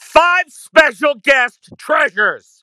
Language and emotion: English, neutral